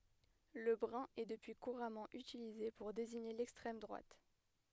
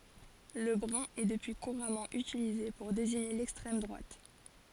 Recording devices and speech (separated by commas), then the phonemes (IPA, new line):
headset microphone, forehead accelerometer, read sentence
lə bʁœ̃ ɛ dəpyi kuʁamɑ̃ ytilize puʁ deziɲe lɛkstʁɛm dʁwat